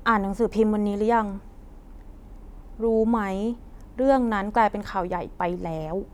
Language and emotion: Thai, frustrated